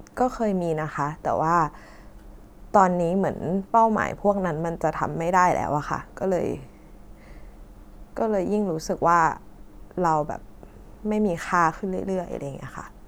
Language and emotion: Thai, sad